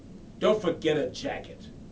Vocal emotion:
angry